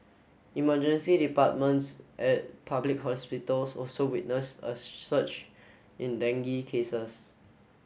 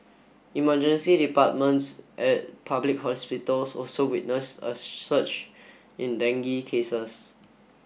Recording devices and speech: mobile phone (Samsung S8), boundary microphone (BM630), read sentence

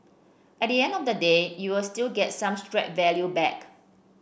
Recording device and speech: boundary microphone (BM630), read sentence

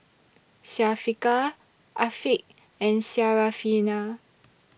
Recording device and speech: boundary microphone (BM630), read sentence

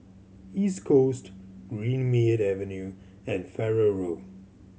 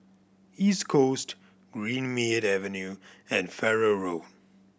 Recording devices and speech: mobile phone (Samsung C7100), boundary microphone (BM630), read sentence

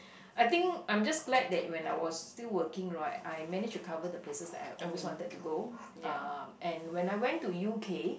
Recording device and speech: boundary microphone, conversation in the same room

